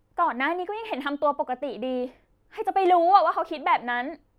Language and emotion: Thai, frustrated